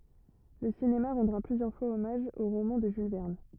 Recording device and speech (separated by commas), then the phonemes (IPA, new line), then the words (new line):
rigid in-ear microphone, read sentence
lə sinema ʁɑ̃dʁa plyzjœʁ fwaz ɔmaʒ o ʁomɑ̃ də ʒyl vɛʁn
Le cinéma rendra plusieurs fois hommage au roman de Jules Verne.